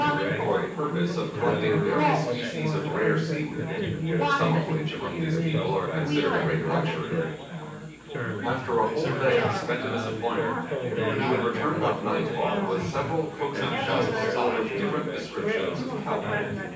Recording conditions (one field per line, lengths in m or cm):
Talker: one person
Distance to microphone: 9.8 m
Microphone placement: far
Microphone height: 1.8 m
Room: large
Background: babble